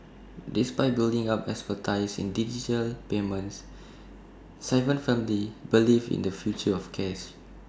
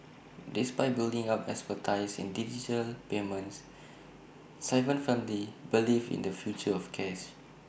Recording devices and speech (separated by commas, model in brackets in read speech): standing microphone (AKG C214), boundary microphone (BM630), read sentence